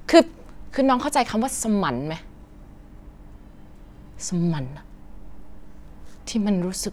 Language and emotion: Thai, angry